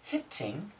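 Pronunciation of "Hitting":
'Hitting' is said with perfect pronunciation here, not with the D sound usually used for it.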